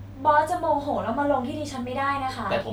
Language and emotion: Thai, frustrated